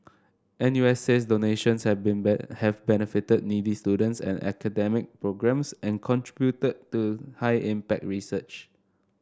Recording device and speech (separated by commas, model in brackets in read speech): standing microphone (AKG C214), read sentence